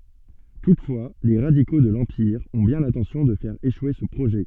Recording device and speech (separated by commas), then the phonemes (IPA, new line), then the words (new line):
soft in-ear microphone, read sentence
tutfwa le ʁadiko də lɑ̃piʁ ɔ̃ bjɛ̃ lɛ̃tɑ̃sjɔ̃ də fɛʁ eʃwe sə pʁoʒɛ
Toutefois, les radicaux de l'Empire ont bien l'intention de faire échouer ce projet.